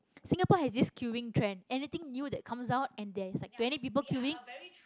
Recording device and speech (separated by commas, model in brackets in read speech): close-talking microphone, conversation in the same room